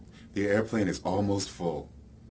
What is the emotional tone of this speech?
neutral